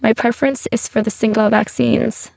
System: VC, spectral filtering